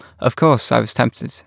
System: none